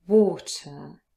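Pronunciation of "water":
'water' has the British pronunciation. Its first vowel is a long o sound.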